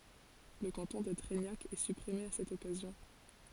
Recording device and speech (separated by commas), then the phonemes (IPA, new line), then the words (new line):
forehead accelerometer, read sentence
lə kɑ̃tɔ̃ də tʁɛɲak ɛ sypʁime a sɛt ɔkazjɔ̃
Le canton de Treignac est supprimé à cette occasion.